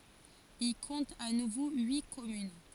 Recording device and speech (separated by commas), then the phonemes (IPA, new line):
forehead accelerometer, read sentence
il kɔ̃t a nuvo yi kɔmyn